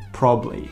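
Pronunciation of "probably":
'Probably' is said in a shortened form, with one of its syllables dropped.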